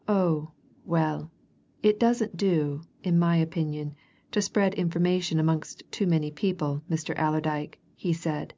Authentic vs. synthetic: authentic